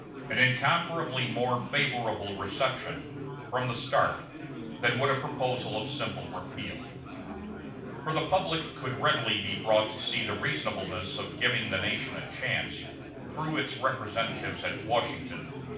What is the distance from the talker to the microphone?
5.8 m.